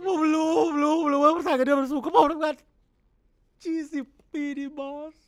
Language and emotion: Thai, sad